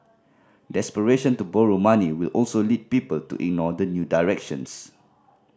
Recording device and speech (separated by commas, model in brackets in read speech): standing microphone (AKG C214), read sentence